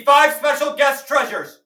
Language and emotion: English, neutral